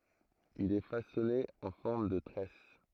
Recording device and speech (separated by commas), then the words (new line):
throat microphone, read sentence
Il est façonné en forme de tresse.